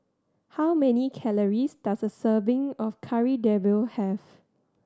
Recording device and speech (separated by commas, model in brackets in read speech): standing microphone (AKG C214), read sentence